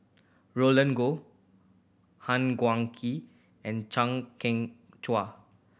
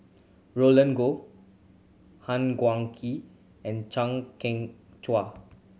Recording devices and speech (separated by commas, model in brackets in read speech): boundary microphone (BM630), mobile phone (Samsung C7100), read sentence